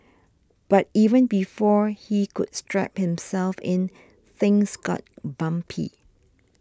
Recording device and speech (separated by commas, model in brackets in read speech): standing microphone (AKG C214), read sentence